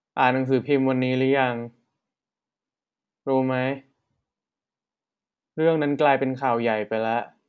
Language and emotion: Thai, neutral